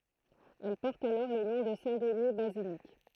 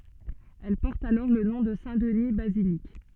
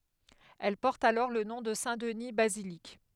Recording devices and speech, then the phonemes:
throat microphone, soft in-ear microphone, headset microphone, read sentence
ɛl pɔʁt alɔʁ lə nɔ̃ də sɛ̃tdni bazilik

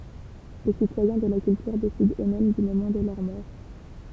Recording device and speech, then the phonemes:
temple vibration pickup, read sentence
le sitwajɛ̃ də la kyltyʁ desidɑ̃ øksmɛm dy momɑ̃ də lœʁ mɔʁ

